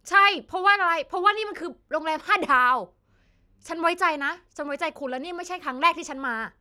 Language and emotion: Thai, angry